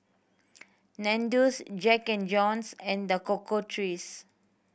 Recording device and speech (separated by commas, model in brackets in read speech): boundary microphone (BM630), read sentence